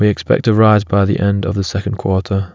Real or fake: real